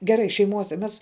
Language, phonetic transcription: Lithuanian, geˈrai šeiˈmuose ˈmes

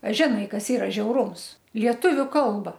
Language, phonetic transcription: Lithuanian, a žiˈnai ˈkas ˈyra žiauˈrūms ˈlietuviu ˈkalba

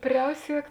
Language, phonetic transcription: Lithuanian, ˈpriausiek

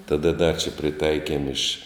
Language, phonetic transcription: Lithuanian, taˈda da čia priˈtaikiem iš

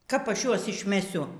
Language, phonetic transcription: Lithuanian, kap ˈaš ˈjuos išmeˈsiu

